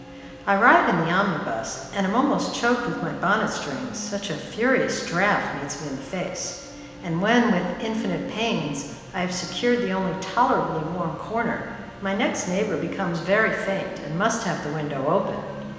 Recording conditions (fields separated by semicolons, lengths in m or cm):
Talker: one person; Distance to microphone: 1.7 m; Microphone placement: close; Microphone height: 1.0 m; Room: very reverberant, large; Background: television